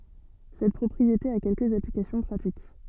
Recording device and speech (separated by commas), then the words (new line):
soft in-ear microphone, read sentence
Cette propriété a quelques applications pratiques.